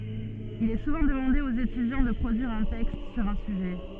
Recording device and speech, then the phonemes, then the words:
soft in-ear microphone, read sentence
il ɛ suvɑ̃ dəmɑ̃de oz etydjɑ̃ də pʁodyiʁ œ̃ tɛkst syʁ œ̃ syʒɛ
Il est souvent demandé aux étudiants de produire un texte sur un sujet.

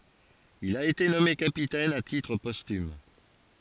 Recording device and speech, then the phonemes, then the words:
forehead accelerometer, read sentence
il a ete nɔme kapitɛn a titʁ pɔstym
Il a été nommé capitaine à titre posthume.

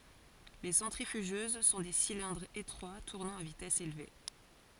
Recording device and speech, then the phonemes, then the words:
forehead accelerometer, read sentence
le sɑ̃tʁifyʒøz sɔ̃ de silɛ̃dʁz etʁwa tuʁnɑ̃ a vitɛs elve
Les centrifugeuses sont des cylindres étroits tournant à vitesse élevée.

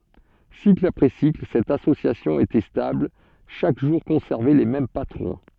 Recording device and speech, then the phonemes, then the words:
soft in-ear microphone, read sentence
sikl apʁɛ sikl sɛt asosjasjɔ̃ etɛ stabl ʃak ʒuʁ kɔ̃sɛʁvɛ le mɛm patʁɔ̃
Cycle après cycle, cette association était stable, chaque jour conservait les mêmes patrons.

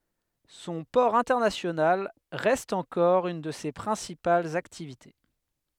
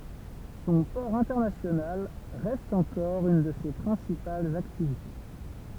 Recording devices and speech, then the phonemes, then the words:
headset microphone, temple vibration pickup, read sentence
sɔ̃ pɔʁ ɛ̃tɛʁnasjonal ʁɛst ɑ̃kɔʁ yn də se pʁɛ̃sipalz aktivite
Son port international reste encore une de ses principales activités.

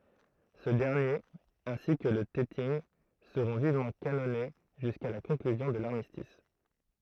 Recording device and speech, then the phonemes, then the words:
throat microphone, read sentence
sə dɛʁnjeʁ ɛ̃si kə lə tɛtinɡ səʁɔ̃ vivmɑ̃ kanɔne ʒyska la kɔ̃klyzjɔ̃ də laʁmistis
Ce dernier, ainsi que le Teting, seront vivement canonnés jusqu'à la conclusion de l'armistice.

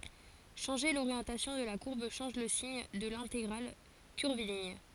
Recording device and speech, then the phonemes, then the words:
forehead accelerometer, read sentence
ʃɑ̃ʒe loʁjɑ̃tasjɔ̃ də la kuʁb ʃɑ̃ʒ lə siɲ də lɛ̃teɡʁal kyʁviliɲ
Changer l'orientation de la courbe change le signe de l'intégrale curviligne.

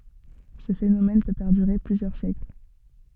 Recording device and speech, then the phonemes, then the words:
soft in-ear microphone, read sentence
sə fenomɛn pø pɛʁdyʁe plyzjœʁ sjɛkl
Ce phénomène peut perdurer plusieurs siècles.

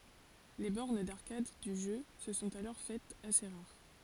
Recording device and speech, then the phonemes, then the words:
forehead accelerometer, read sentence
le bɔʁn daʁkad dy ʒø sə sɔ̃t alɔʁ fɛtz ase ʁaʁ
Les bornes d'arcade du jeu se sont alors faites assez rares.

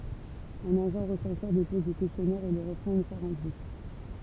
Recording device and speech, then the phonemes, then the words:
temple vibration pickup, read sentence
œ̃n aʒɑ̃ ʁəsɑ̃sœʁ depɔz le kɛstjɔnɛʁz e le ʁəpʁɑ̃t yn fwa ʁɑ̃pli
Un agent recenseur dépose les questionnaires et les reprend une fois remplis.

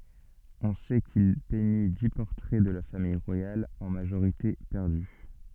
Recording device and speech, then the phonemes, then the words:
soft in-ear microphone, read sentence
ɔ̃ sɛ kil pɛɲi di pɔʁtʁɛ də la famij ʁwajal ɑ̃ maʒoʁite pɛʁdy
On sait qu'il peignit dix portraits de la famille royale, en majorité perdus.

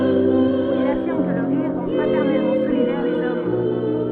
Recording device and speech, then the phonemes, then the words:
soft in-ear microphone, read sentence
u il afiʁm kə lə ʁiʁ ʁɑ̃ fʁatɛʁnɛlmɑ̃ solidɛʁ lez ɔm
Où il affirme que le rire rend fraternellement solidaire les hommes.

